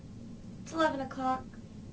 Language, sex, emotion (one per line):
English
female
neutral